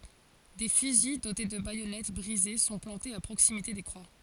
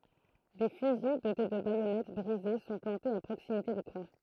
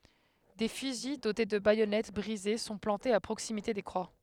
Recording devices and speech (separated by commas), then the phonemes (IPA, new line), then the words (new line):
forehead accelerometer, throat microphone, headset microphone, read sentence
de fyzi dote də bajɔnɛt bʁize sɔ̃ plɑ̃tez a pʁoksimite de kʁwa
Des fusils dotés de baïonnettes brisées sont plantés à proximité des croix.